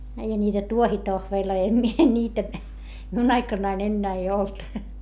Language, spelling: Finnish, eihän niitä tuohitohveleita en minä niitä minun aikanani enää ei ollut
- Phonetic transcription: eihä niitä tuohitohveeĺloi - em mie ńiitä , miun ‿aikannain ‿ennää ei olt .

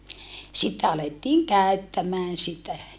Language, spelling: Finnish, sitten alettiin käyttämään sitä
- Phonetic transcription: sitte alettiiŋ käöttämään sitä .

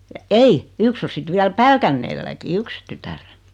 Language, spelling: Finnish, ja ei yksi on sitten vielä Pälkäneelläkin yksi tytär
- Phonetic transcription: ja "ei , 'yks o 'sit 'viäl "Pälkänneelläki 'yks tytär .

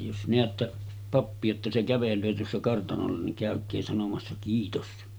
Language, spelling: Finnish, jos näette pappia jotta se kävelee tuossa kartanolla niin käykää sanomassa kiitos
- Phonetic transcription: jos neättä , 'pappi₍a jotta se kävel̀öö tuossa kartanolla niŋ 'kä̀ök̆kee sanomassa 'kiitos « .

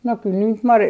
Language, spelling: Finnish, no kyllä niitä marjoja
- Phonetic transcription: no kyl niit "marjoi ,.

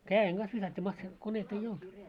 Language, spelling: Finnish, käden kanssa viskattiin - masiinakoneita ei ollut
- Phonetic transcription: kää₍eŋ ‿ɢas visat́t́ii massi- , 'kon̆neit ‿ei 'olt .

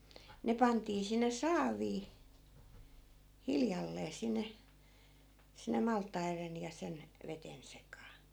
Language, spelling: Finnish, ne pantiin sinne saaviin hiljalleen sinne sinne maltaiden ja sen veden sekaan
- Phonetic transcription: 'ne pantii sinne "saavii , 'hiljallee 'sinne , sinne 'malt̆tairen ja 'sen , 'veten 'sekaa .

